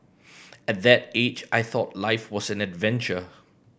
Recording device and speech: boundary microphone (BM630), read sentence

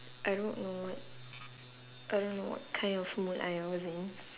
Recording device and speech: telephone, conversation in separate rooms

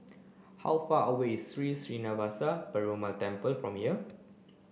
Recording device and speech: boundary microphone (BM630), read sentence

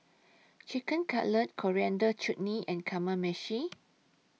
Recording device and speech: mobile phone (iPhone 6), read sentence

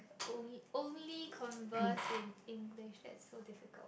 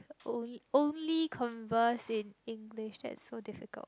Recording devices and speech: boundary microphone, close-talking microphone, conversation in the same room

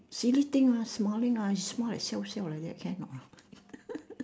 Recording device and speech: standing microphone, conversation in separate rooms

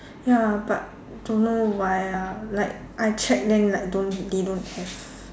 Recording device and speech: standing microphone, conversation in separate rooms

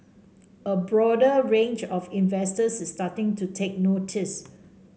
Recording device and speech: mobile phone (Samsung C5), read sentence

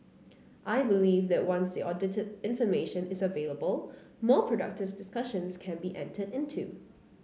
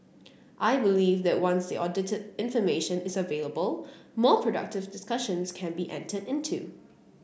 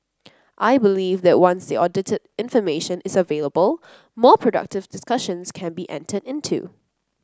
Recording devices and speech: mobile phone (Samsung C9), boundary microphone (BM630), close-talking microphone (WH30), read sentence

